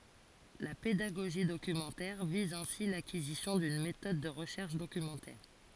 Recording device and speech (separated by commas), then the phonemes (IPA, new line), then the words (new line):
forehead accelerometer, read sentence
la pedaɡoʒi dokymɑ̃tɛʁ viz ɛ̃si lakizisjɔ̃ dyn metɔd də ʁəʃɛʁʃ dokymɑ̃tɛʁ
La pédagogie documentaire vise ainsi l’acquisition d’une méthode de recherche documentaire.